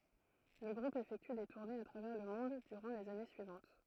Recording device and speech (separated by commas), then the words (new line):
throat microphone, read sentence
Le groupe effectue des tournées à travers le monde durant les années suivantes.